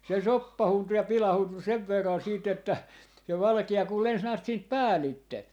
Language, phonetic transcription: Finnish, 'se "soppahuntu ja 'pilahuntu 'sev verran 'siit ‿että , se 'valki₍a kul 'lens näät siint "päälitte .
- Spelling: se soppaantui ja pilaantui sen verran siitä että se valkea kun lensi näet siitä päältä

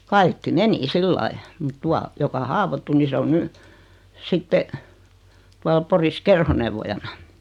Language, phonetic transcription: Finnish, 'kaikki "meni 'sillai , mut 'tua , joka 'haavottu ni 'se on 'ny , 'sitte , tual 'Poris "kerhonevvojana .
- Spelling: kaikki meni sillä lailla mutta tuo joka haavoittui niin se on nyt sitten tuolla Porissa kerhoneuvojana

